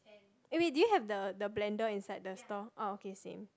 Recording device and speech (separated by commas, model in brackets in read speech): close-talking microphone, conversation in the same room